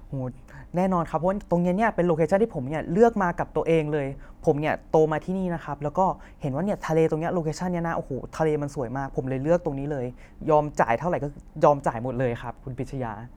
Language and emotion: Thai, happy